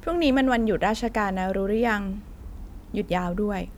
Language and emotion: Thai, neutral